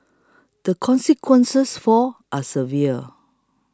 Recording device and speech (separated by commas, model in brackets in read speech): close-talking microphone (WH20), read sentence